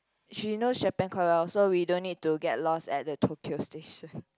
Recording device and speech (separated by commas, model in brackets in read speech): close-talking microphone, conversation in the same room